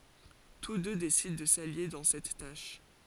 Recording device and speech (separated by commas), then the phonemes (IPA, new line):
forehead accelerometer, read sentence
tus dø desidɑ̃ də salje dɑ̃ sɛt taʃ